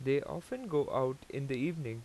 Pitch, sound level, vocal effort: 140 Hz, 87 dB SPL, normal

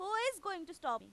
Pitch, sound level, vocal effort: 385 Hz, 97 dB SPL, very loud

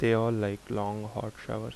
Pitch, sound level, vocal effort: 105 Hz, 78 dB SPL, soft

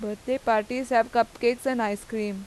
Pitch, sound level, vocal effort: 230 Hz, 89 dB SPL, normal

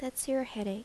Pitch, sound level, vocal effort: 255 Hz, 78 dB SPL, soft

